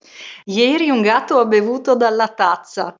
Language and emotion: Italian, happy